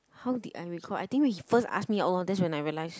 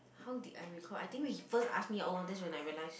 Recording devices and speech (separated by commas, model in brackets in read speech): close-talking microphone, boundary microphone, conversation in the same room